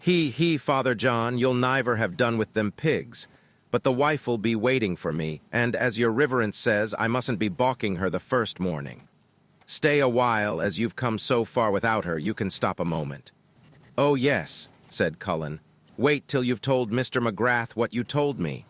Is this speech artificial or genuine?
artificial